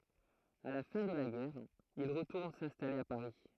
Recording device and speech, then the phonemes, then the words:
throat microphone, read sentence
a la fɛ̃ də la ɡɛʁ il ʁətuʁn sɛ̃stale a paʁi
À la fin de la guerre, il retourne s'installer à Paris.

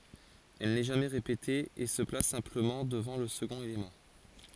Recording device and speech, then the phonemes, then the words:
forehead accelerometer, read sentence
ɛl nɛ ʒamɛ ʁepete e sə plas sɛ̃pləmɑ̃ dəvɑ̃ lə səɡɔ̃t elemɑ̃
Elle n'est jamais répétée, et se place simplement devant le second élément.

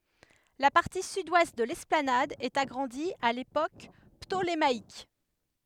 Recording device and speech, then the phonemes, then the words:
headset microphone, read sentence
la paʁti sydwɛst də lɛsplanad ɛt aɡʁɑ̃di a lepok ptolemaik
La partie sud-ouest de l'esplanade est agrandie à l'époque ptolémaïque.

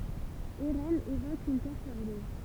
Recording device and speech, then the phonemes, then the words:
temple vibration pickup, read sentence
eʁɛnz evok yn tɛʁ sabløz
Eraines évoque une terre sableuse.

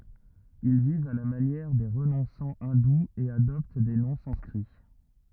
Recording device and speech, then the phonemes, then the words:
rigid in-ear microphone, read sentence
il vivt a la manjɛʁ de ʁənɔ̃sɑ̃ ɛ̃duz e adɔpt de nɔ̃ sɑ̃skʁi
Ils vivent à la manière des renonçants hindous et adoptent des noms sanscrits.

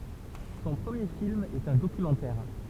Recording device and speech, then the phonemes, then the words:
temple vibration pickup, read sentence
sɔ̃ pʁəmje film ɛt œ̃ dokymɑ̃tɛʁ
Son premier film est un documentaire.

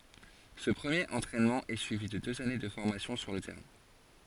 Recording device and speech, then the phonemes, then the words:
forehead accelerometer, read sentence
sə pʁəmjeʁ ɑ̃tʁɛnmɑ̃ ɛ syivi də døz ane də fɔʁmasjɔ̃ syʁ lə tɛʁɛ̃
Ce premier entraînement est suivi de deux années de formation sur le terrain.

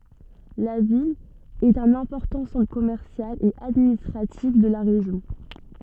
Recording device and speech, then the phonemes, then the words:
soft in-ear microphone, read sentence
la vil ɛt œ̃n ɛ̃pɔʁtɑ̃ sɑ̃tʁ kɔmɛʁsjal e administʁatif də la ʁeʒjɔ̃
La ville est un important centre commercial et administratif de la région.

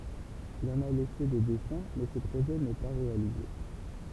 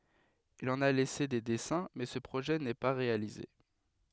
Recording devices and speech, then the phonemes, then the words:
temple vibration pickup, headset microphone, read sentence
il ɑ̃n a lɛse de dɛsɛ̃ mɛ sə pʁoʒɛ nɛ pa ʁealize
Il en a laissé des dessins mais ce projet n'est pas réalisé.

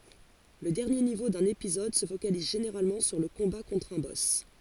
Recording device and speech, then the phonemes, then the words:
forehead accelerometer, read sentence
lə dɛʁnje nivo dœ̃n epizɔd sə fokaliz ʒeneʁalmɑ̃ syʁ lə kɔ̃ba kɔ̃tʁ œ̃ bɔs
Le dernier niveau d’un épisode se focalise généralement sur le combat contre un boss.

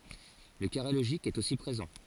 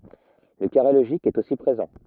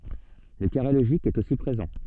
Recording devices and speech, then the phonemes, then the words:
forehead accelerometer, rigid in-ear microphone, soft in-ear microphone, read sentence
lə kaʁe loʒik ɛt osi pʁezɑ̃
Le carré logique est aussi présent.

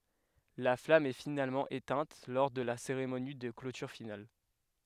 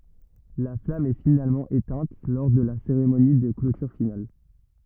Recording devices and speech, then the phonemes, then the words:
headset microphone, rigid in-ear microphone, read sentence
la flam ɛ finalmɑ̃ etɛ̃t lɔʁ də la seʁemoni də klotyʁ final
La flamme est finalement éteinte lors de la cérémonie de clôture finale.

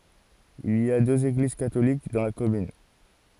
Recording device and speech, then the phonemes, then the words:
forehead accelerometer, read sentence
il i døz eɡliz katolik dɑ̃ la kɔmyn
Il y deux églises catholiques dans la commune.

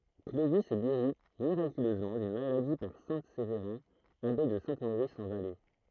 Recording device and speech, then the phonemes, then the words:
throat microphone, read sentence
klovi ɛ ɡeʁi miʁakyløzmɑ̃ dyn maladi paʁ sɛ̃ sevʁɛ̃ abe də sɛ̃ moʁis ɑ̃ valɛ
Clovis est guéri miraculeusement d'une maladie par saint Séverin, abbé de Saint-Maurice en Valais.

